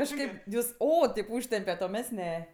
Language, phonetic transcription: Lithuanian, kažˈkaip ˈjus ˈo ˈtėp ˈūžtempiat o ˈmes ˈne

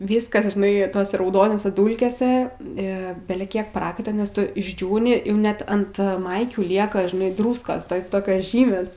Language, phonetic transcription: Lithuanian, ˈvyskas žiˈnai ˈtose rauˈdonose ˈdūlkėse ˈi beleˈkiek ˈprakaita nes ˈtu išˈdžiūni jau ˈnet ant ˈmaikių ˈlieka žiˈnai ˈdrūskos tai ˈtokios ˈžymės

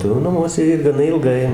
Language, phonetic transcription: Lithuanian, tai jau naˈmuose ir gaˈna ilˈgai

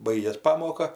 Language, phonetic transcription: Lithuanian, ˈbaigės ˈpamoka

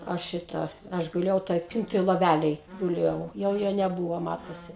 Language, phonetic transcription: Lithuanian, ˈaš ˈšita ˈaš guˈlėjau toj ˈpintoj loˈvælėj guˈlėjau jau ˈjo neˈbūvo ˈmatosi

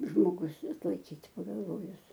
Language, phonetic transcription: Lithuanian, žmoˈgus atlaiˈkyt' pagalˈvojus

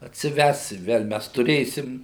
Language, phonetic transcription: Lithuanian, atsiˈves i ˈvel ˈmes tuˈrėsim

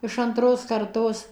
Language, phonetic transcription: Lithuanian, iš anˈtros karˈtos

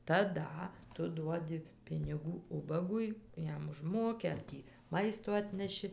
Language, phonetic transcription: Lithuanian, taˈda ˈtu ˈduodi piniˈgų ˈubagui ˈjam užˈmoki ar ˈtį ˈmaisto ˈatneši

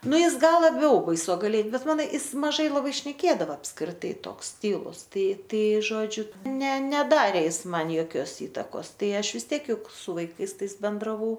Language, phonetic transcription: Lithuanian, ˈnu ˈjis ˈgal laˈbiau baisogaˈlie ˈbet ˈmano ˈis maˈžai laˈbai šneˈkėdava apskriˈtai ˈtoks ˈtylus ˈtai ˈtai ˈžodžiu ˈne ˈnedarė ˈjis ˈman joˈkios ˈįtakos ˈtai ˈaš vis ˈtiek ˈjuk su vaiˈkais ˈtais bendraˈvau

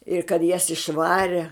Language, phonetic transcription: Lithuanian, ir kad jas išˈvare

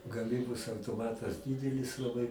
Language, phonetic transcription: Lithuanian, gaˈmybos autoˈmatas ˈdydelis laˈbai

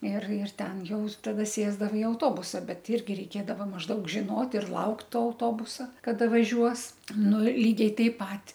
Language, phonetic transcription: Lithuanian, ir ir ˈten ˈjau taˈda ˈsėsdava i auˈtobusa ˈbet ˈirgi reiˈkėdava mažˈdaug žiˈnot ir ˈlaukt ˈto auˈtobusa kaˈda vaˈžiuos ˈnu ir ˈlygiai ˈtaip ˈpat

